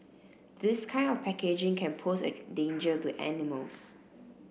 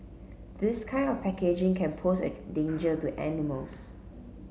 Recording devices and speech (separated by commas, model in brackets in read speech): boundary microphone (BM630), mobile phone (Samsung C7), read sentence